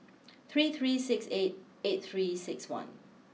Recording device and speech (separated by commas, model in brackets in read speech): mobile phone (iPhone 6), read sentence